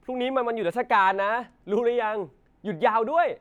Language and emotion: Thai, happy